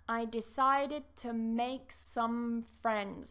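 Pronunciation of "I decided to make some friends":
In 'decided to make', 'to' is said in its weak form, not as a full 'to'.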